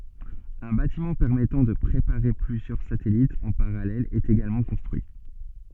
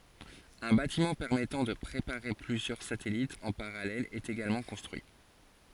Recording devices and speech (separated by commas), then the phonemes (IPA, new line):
soft in-ear microphone, forehead accelerometer, read sentence
œ̃ batimɑ̃ pɛʁmɛtɑ̃ də pʁepaʁe plyzjœʁ satɛlitz ɑ̃ paʁalɛl ɛt eɡalmɑ̃ kɔ̃stʁyi